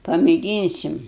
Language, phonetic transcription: Lithuanian, pamėˈgynsim

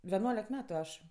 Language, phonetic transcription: Lithuanian, veˈnuolek ˈmetu ˈaš

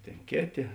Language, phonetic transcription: Lithuanian, ˈtėn ˈkėˌtė

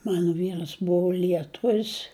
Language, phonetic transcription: Lithuanian, ˈmanu ˈvyras ˈbuvo lieˈtuvis

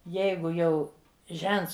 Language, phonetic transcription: Lithuanian, ˈjeigu jau ˈžents

